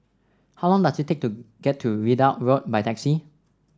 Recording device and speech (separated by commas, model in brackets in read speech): standing microphone (AKG C214), read sentence